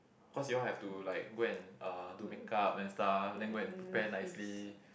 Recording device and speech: boundary microphone, conversation in the same room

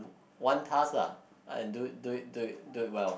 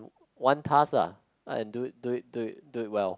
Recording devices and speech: boundary microphone, close-talking microphone, conversation in the same room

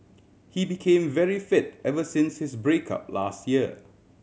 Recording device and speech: mobile phone (Samsung C7100), read sentence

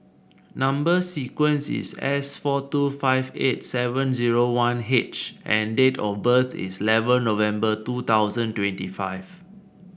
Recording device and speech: boundary microphone (BM630), read sentence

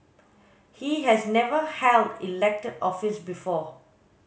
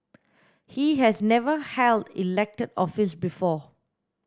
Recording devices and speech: mobile phone (Samsung S8), standing microphone (AKG C214), read sentence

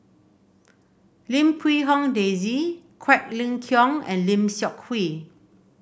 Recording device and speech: boundary microphone (BM630), read sentence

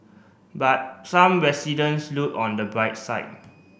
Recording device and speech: boundary microphone (BM630), read sentence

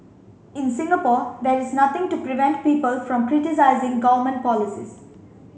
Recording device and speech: mobile phone (Samsung C5), read sentence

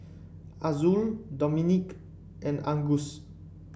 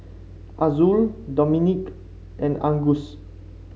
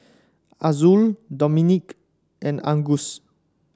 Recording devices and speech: boundary microphone (BM630), mobile phone (Samsung C5), standing microphone (AKG C214), read sentence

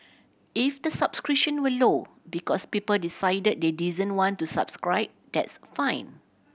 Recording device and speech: boundary microphone (BM630), read sentence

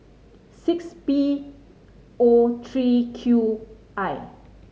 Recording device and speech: mobile phone (Samsung C5010), read sentence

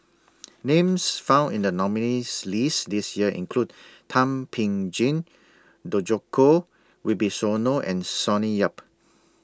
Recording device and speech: standing microphone (AKG C214), read sentence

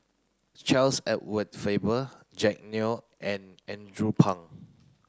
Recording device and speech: close-talking microphone (WH30), read sentence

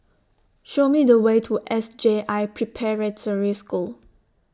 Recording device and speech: standing microphone (AKG C214), read sentence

